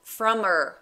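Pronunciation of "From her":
In 'from her', the h of 'her' is dropped, so it is not pronounced.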